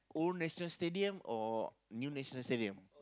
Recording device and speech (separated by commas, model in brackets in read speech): close-talking microphone, conversation in the same room